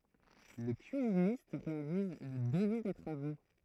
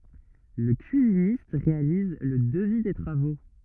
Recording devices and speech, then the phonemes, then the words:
throat microphone, rigid in-ear microphone, read sentence
lə kyizinist ʁealiz lə dəvi de tʁavo
Le cuisiniste réalise le devis des travaux.

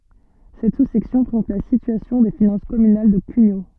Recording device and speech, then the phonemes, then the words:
soft in-ear microphone, read sentence
sɛt susɛksjɔ̃ pʁezɑ̃t la sityasjɔ̃ de finɑ̃s kɔmynal də kyɲo
Cette sous-section présente la situation des finances communales de Cugnaux.

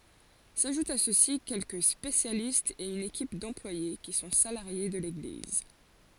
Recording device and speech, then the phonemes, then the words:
forehead accelerometer, read sentence
saʒutt a sø si kɛlkə spesjalistz e yn ekip dɑ̃plwaje ki sɔ̃ salaʁje də leɡliz
S'ajoutent à ceux-ci quelques spécialistes et une équipe d'employés qui sont salariés de l'Église.

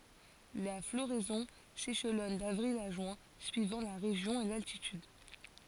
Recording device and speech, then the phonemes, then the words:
forehead accelerometer, read sentence
la floʁɛzɔ̃ seʃlɔn davʁil a ʒyɛ̃ syivɑ̃ la ʁeʒjɔ̃ e laltityd
La floraison s'échelonne d'avril à juin suivant la région et l'altitude.

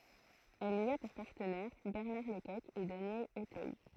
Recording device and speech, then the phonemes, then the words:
throat microphone, read sentence
ɛl i a puʁ paʁtənɛʁ bɛʁnaʁ lə kɔk e danjɛl otœj
Elle y a pour partenaires Bernard Le Coq et Daniel Auteuil.

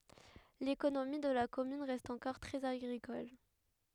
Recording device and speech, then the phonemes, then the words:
headset microphone, read sentence
lekonomi də la kɔmyn ʁɛst ɑ̃kɔʁ tʁɛz aɡʁikɔl
L'économie de la commune reste encore très agricole.

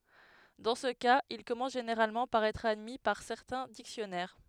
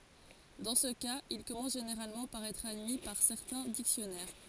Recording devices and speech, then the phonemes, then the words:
headset microphone, forehead accelerometer, read sentence
dɑ̃ sə kaz il kɔmɑ̃s ʒeneʁalmɑ̃ paʁ ɛtʁ admi paʁ sɛʁtɛ̃ diksjɔnɛʁ
Dans ce cas, il commence généralement par être admis par certains dictionnaires.

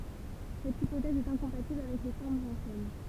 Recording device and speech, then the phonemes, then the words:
temple vibration pickup, read sentence
sɛt ipotɛz ɛt ɛ̃kɔ̃patibl avɛk le fɔʁmz ɑ̃sjɛn
Cette hypothèse est incompatible avec les formes anciennes.

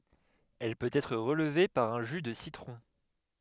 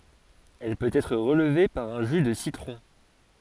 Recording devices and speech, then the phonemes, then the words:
headset microphone, forehead accelerometer, read sentence
ɛl pøt ɛtʁ ʁəlve paʁ œ̃ ʒy də sitʁɔ̃
Elle peut être relevée par un jus de citron.

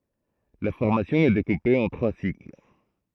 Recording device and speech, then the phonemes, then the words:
throat microphone, read sentence
la fɔʁmasjɔ̃ ɛ dekupe ɑ̃ tʁwa sikl
La formation est découpée en trois cycles.

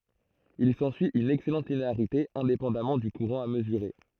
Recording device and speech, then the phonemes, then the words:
throat microphone, read sentence
il sɑ̃syi yn ɛksɛlɑ̃t lineaʁite ɛ̃depɑ̃damɑ̃ dy kuʁɑ̃ a məzyʁe
Il s'ensuit une excellente linéarité, indépendamment du courant à mesurer.

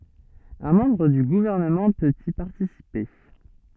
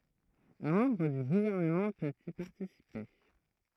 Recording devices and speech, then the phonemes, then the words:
soft in-ear microphone, throat microphone, read sentence
œ̃ mɑ̃bʁ dy ɡuvɛʁnəmɑ̃ pøt i paʁtisipe
Un membre du Gouvernement peut y participer.

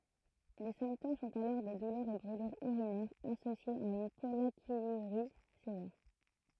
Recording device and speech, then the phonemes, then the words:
throat microphone, read sentence
le sɛ̃ptom sɔ̃t alɔʁ de dulœʁz e bʁylyʁz yʁinɛʁz asosjez a yn pɔlakjyʁi sevɛʁ
Les symptômes sont alors des douleurs et brûlures urinaires associées à une pollakiurie sévère.

